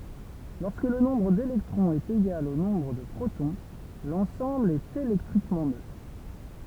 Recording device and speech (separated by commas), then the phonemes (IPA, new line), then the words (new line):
temple vibration pickup, read sentence
lɔʁskə lə nɔ̃bʁ delɛktʁɔ̃z ɛt eɡal o nɔ̃bʁ də pʁotɔ̃ lɑ̃sɑ̃bl ɛt elɛktʁikmɑ̃ nøtʁ
Lorsque le nombre d'électrons est égal au nombre de protons, l'ensemble est électriquement neutre.